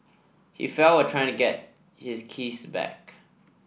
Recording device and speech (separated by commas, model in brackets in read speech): boundary microphone (BM630), read sentence